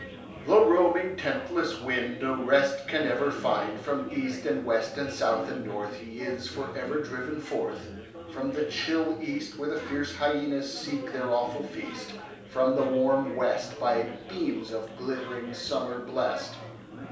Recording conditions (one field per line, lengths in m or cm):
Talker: one person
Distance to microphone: 3.0 m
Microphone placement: far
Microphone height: 1.8 m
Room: small (3.7 m by 2.7 m)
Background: babble